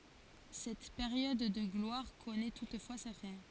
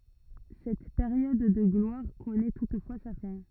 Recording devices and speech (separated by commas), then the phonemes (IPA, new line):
forehead accelerometer, rigid in-ear microphone, read sentence
sɛt peʁjɔd də ɡlwaʁ kɔnɛ tutfwa sa fɛ̃